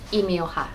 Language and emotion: Thai, neutral